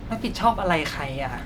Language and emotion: Thai, frustrated